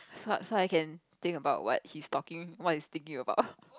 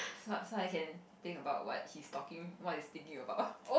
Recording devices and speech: close-talking microphone, boundary microphone, conversation in the same room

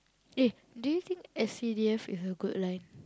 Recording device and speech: close-talking microphone, conversation in the same room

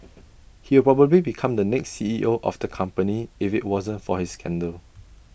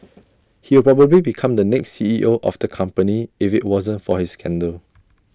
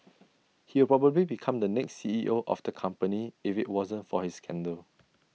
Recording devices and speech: boundary microphone (BM630), standing microphone (AKG C214), mobile phone (iPhone 6), read sentence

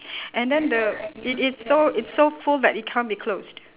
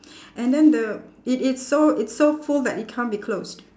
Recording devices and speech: telephone, standing microphone, conversation in separate rooms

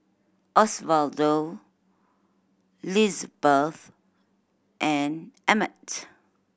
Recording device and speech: boundary microphone (BM630), read sentence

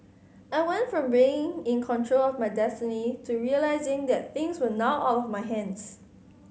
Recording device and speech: mobile phone (Samsung C5010), read sentence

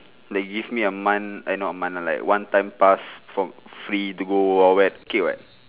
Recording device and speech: telephone, conversation in separate rooms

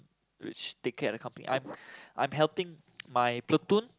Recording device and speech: close-talking microphone, conversation in the same room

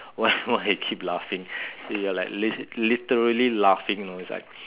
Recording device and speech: telephone, conversation in separate rooms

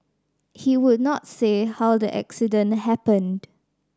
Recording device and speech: standing microphone (AKG C214), read sentence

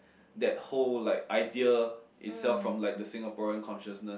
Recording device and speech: boundary microphone, conversation in the same room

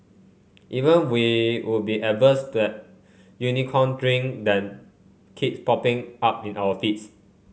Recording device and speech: mobile phone (Samsung C5), read sentence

